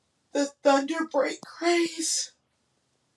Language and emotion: English, fearful